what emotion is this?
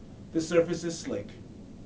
neutral